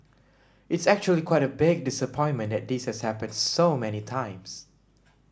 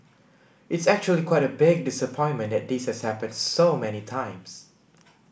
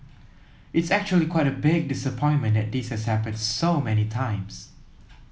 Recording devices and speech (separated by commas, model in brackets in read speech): standing microphone (AKG C214), boundary microphone (BM630), mobile phone (iPhone 7), read sentence